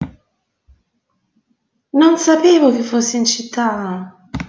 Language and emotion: Italian, surprised